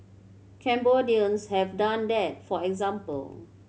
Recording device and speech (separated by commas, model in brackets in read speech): mobile phone (Samsung C7100), read sentence